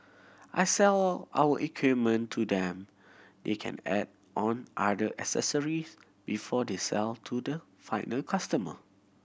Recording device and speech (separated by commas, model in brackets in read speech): boundary microphone (BM630), read sentence